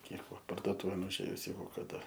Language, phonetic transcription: Lithuanian, ˈnieko pardoˈtūvėn užˈėjus ˈjeigu kaˈda

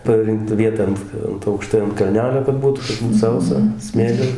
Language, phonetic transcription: Lithuanian, paˈrinkta vieˈta ant ˈant aukˈštai ant kalˈnelio kad ˈbūtu kad ˈbūt ˈsausa ˈsmėli

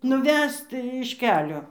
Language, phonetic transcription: Lithuanian, nuˈvest iš ˈkelio

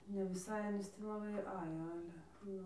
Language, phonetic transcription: Lithuanian, ne viˈsai aˈnys tį laˈbai ˈajo ˈale ˈnu

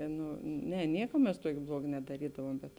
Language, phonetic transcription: Lithuanian, ˈnu ˈne ˈnieka mes ˈtuokė ˈbluoga nedaˈrydavuom ˈbet

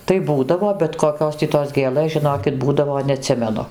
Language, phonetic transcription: Lithuanian, tai ˈbūdavo bet koˈkios tį tos ˈgėlɘs žiˈnokit ˈbūdavo neaˈtsimenu

